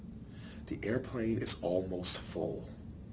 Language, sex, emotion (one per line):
English
male
neutral